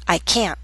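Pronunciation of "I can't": In 'can't', the final t is said with a glottal stop.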